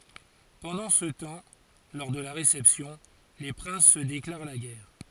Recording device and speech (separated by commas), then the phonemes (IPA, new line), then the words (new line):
forehead accelerometer, read sentence
pɑ̃dɑ̃ sə tɑ̃ lɔʁ də la ʁesɛpsjɔ̃ le pʁɛ̃s sə deklaʁ la ɡɛʁ
Pendant ce temps, lors de la réception, les princes se déclarent la guerre.